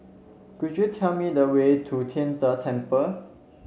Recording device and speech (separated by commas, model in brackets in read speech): mobile phone (Samsung C7), read sentence